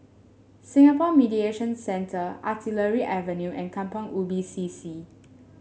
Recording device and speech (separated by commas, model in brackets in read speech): mobile phone (Samsung S8), read sentence